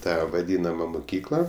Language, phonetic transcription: Lithuanian, ˈtą vaˈdynama muˈkykla

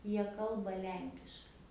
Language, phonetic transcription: Lithuanian, ˈjie ˈkalba ˈlenkiškai

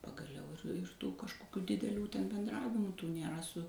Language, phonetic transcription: Lithuanian, pagaˈliau ir tų kažkoˈkių dideˈlių ten benˈdravimu ˈtų nėˈra su

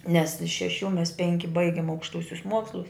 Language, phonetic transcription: Lithuanian, nes iš šeˈšių mes ˈpenki ˈbaigim aukšˈtuosius ˈmuokslus

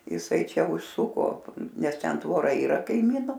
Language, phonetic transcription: Lithuanian, jiˈsai ˈčia užˈsuko ˈnes ˈten tvoˈra yˈra kaiˈmynu

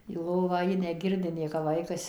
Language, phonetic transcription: Lithuanian, į ˈlovą ˈji neˈgirdi ˈnė kap ˈvaikas

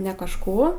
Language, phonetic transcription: Lithuanian, ne kažˈkų

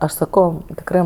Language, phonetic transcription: Lithuanian, ˈaš saˈkau tikˈrɜ

